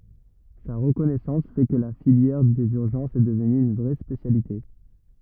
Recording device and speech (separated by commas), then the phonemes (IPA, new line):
rigid in-ear microphone, read sentence
sa ʁəkɔnɛsɑ̃s fɛ kə la filjɛʁ dez yʁʒɑ̃sz ɛ dəvny yn vʁɛ spesjalite